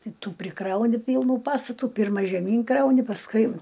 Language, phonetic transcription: Lithuanian, ˈtai ˈtų priˈkrauni ˈpylnų ˈpastatų ˈpirma žeˈmyn ˈkrauni pasˈkui

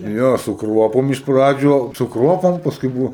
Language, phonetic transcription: Lithuanian, ˈjo su ˈkruopom iš ˈpradžių su ˈkruopom pasˈkui ˈbuvo

